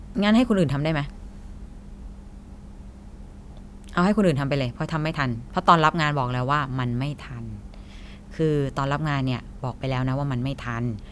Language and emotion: Thai, frustrated